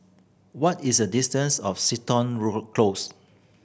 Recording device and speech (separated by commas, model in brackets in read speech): boundary microphone (BM630), read sentence